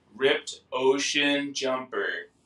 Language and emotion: English, neutral